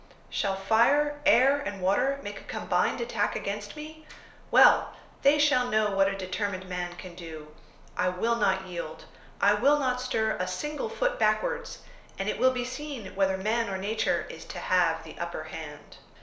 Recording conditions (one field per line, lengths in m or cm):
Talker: one person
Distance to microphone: 1.0 m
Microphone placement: close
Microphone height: 1.1 m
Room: small (3.7 m by 2.7 m)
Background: none